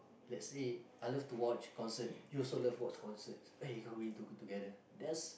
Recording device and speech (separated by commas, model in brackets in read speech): boundary microphone, conversation in the same room